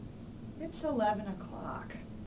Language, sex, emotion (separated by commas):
English, female, neutral